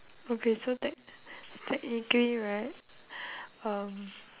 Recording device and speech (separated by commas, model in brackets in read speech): telephone, conversation in separate rooms